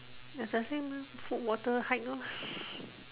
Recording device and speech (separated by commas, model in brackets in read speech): telephone, conversation in separate rooms